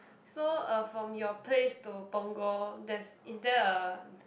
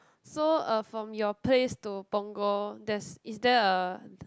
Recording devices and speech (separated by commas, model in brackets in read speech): boundary microphone, close-talking microphone, conversation in the same room